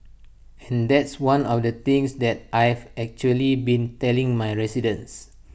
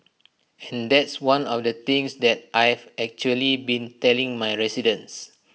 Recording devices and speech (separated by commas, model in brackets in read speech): boundary microphone (BM630), mobile phone (iPhone 6), read sentence